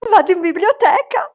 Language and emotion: Italian, happy